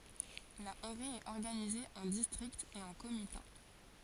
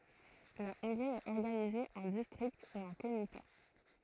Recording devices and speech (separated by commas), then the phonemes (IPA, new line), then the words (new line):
forehead accelerometer, throat microphone, read sentence
la ɔ̃ɡʁi ɛt ɔʁɡanize ɑ̃ distʁiktz e ɑ̃ komita
La Hongrie est organisée en districts et en comitats.